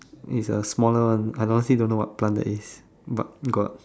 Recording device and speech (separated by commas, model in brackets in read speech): standing microphone, conversation in separate rooms